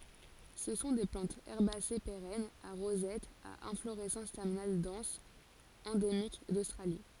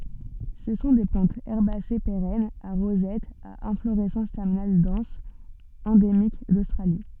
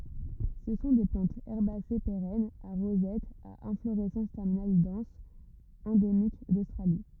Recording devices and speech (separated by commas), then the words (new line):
forehead accelerometer, soft in-ear microphone, rigid in-ear microphone, read sentence
Ce sont des plantes herbacées pérennes, à rosette, à inflorescence terminale dense, endémiques d'Australie.